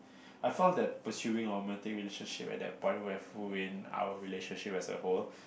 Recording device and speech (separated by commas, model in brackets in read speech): boundary microphone, conversation in the same room